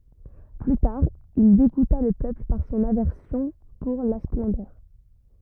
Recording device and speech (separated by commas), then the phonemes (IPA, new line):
rigid in-ear microphone, read sentence
ply taʁ il deɡuta lə pøpl paʁ sɔ̃n avɛʁsjɔ̃ puʁ la splɑ̃dœʁ